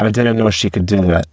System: VC, spectral filtering